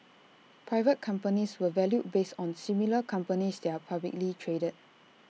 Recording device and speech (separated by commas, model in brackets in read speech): mobile phone (iPhone 6), read sentence